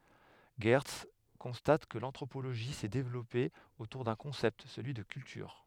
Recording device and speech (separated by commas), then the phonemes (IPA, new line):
headset microphone, read sentence
ʒɛʁts kɔ̃stat kə lɑ̃tʁopoloʒi sɛ devlɔpe otuʁ dœ̃ kɔ̃sɛpt səlyi də kyltyʁ